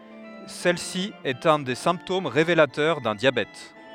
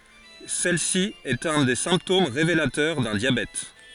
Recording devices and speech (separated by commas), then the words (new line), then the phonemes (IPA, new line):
headset microphone, forehead accelerometer, read sentence
Celle-ci est un des symptômes révélateurs d'un diabète.
sɛl si ɛt œ̃ de sɛ̃ptom ʁevelatœʁ dœ̃ djabɛt